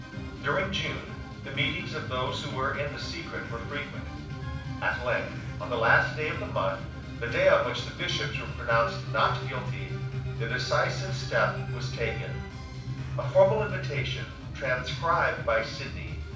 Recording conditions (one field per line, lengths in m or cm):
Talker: one person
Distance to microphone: 5.8 m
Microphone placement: far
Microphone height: 1.8 m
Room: medium-sized (5.7 m by 4.0 m)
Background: music